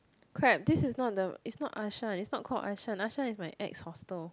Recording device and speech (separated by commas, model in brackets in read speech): close-talking microphone, conversation in the same room